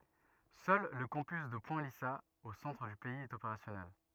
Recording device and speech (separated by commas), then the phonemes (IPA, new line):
rigid in-ear microphone, read sentence
sœl lə kɑ̃pys də pwɛ̃ lizaz o sɑ̃tʁ dy pɛiz ɛt opeʁasjɔnɛl